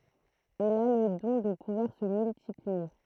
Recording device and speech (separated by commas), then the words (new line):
throat microphone, read sentence
Il a le don de pouvoir se multiplier.